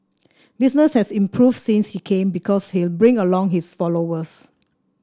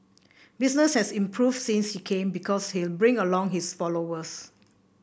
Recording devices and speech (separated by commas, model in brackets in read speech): standing microphone (AKG C214), boundary microphone (BM630), read sentence